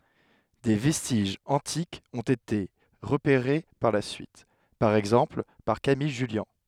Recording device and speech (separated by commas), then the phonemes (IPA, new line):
headset microphone, read sentence
de vɛstiʒz ɑ̃tikz ɔ̃t ete ʁəpeʁe paʁ la syit paʁ ɛɡzɑ̃pl paʁ kamij ʒyljɑ̃